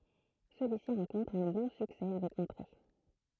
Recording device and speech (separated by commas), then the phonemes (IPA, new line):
throat microphone, read sentence
səlyisi ʁɑ̃kɔ̃tʁ œ̃ bɔ̃ syksɛ avɛk ɑ̃tʁe